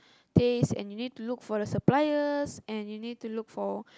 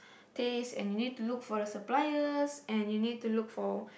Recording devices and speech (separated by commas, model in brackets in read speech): close-talking microphone, boundary microphone, conversation in the same room